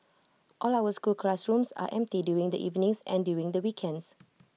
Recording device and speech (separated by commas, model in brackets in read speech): mobile phone (iPhone 6), read sentence